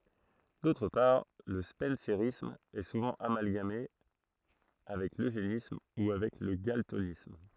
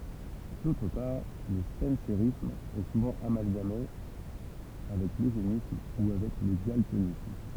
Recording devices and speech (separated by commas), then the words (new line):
throat microphone, temple vibration pickup, read sentence
D'autre part, le spencérisme est souvent amalgamé avec l'eugénisme ou avec le galtonisme.